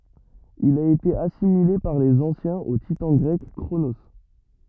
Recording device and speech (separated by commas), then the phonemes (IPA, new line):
rigid in-ear microphone, read sentence
il a ete asimile paʁ lez ɑ̃sjɛ̃z o titɑ̃ ɡʁɛk kʁono